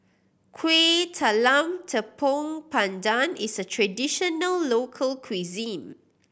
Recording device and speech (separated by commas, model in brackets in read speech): boundary microphone (BM630), read sentence